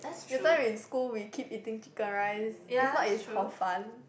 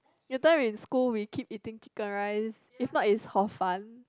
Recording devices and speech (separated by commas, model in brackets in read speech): boundary microphone, close-talking microphone, conversation in the same room